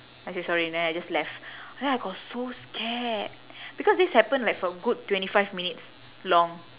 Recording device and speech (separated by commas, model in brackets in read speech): telephone, conversation in separate rooms